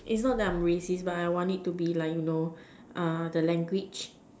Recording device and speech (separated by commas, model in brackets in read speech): standing microphone, conversation in separate rooms